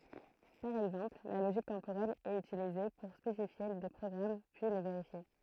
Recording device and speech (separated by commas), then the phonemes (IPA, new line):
throat microphone, read sentence
paʁ ɛɡzɑ̃pl la loʒik tɑ̃poʁɛl ɛt ytilize puʁ spesifje de pʁɔɡʁam pyi le veʁifje